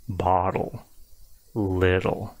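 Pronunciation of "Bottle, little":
In 'bottle' and 'little', the double T is said really softly, and the words are not overly segmented.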